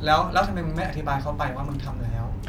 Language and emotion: Thai, neutral